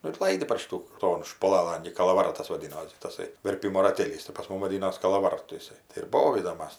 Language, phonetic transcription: Lithuanian, ˈnu ir ˈlaidi par ˈšitų ˈton špuˈlalan gi kalavaˈratas vaˈdinosi taˈsai verˈpimo raˈtėlys tai pas ˈmum vaˈdinos kalaˈvartu iˈsai tai ir ˈbovydom ˈmas

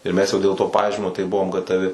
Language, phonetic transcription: Lithuanian, ir ˈmes jau dėl to ˈpažymio tai ˈbuvom gataˈvi

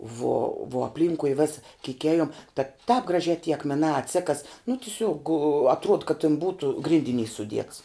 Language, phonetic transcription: Lithuanian, vuo vuo apˈlynkui ˈvesa kyk ˈejum ta tāp graˈžiā ty akmeˈnā atˈsekas nu tiˈsiuog atˈruod kad tin ˈbūtu ˈgrindiˌnys suˈdiets

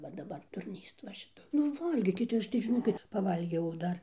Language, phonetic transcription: Lithuanian, va daˈbar durˈnyst va šiˈta nu ˈvalgykit ˈaš tai žiˈnokit paˈvalgiau ˈdar

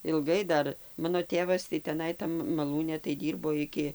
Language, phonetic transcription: Lithuanian, ilˈgai ˈdar ˈmano ˈtėvas tai teˈnai ˈtam maˈlūne tai ˈdyrbo ˈiki

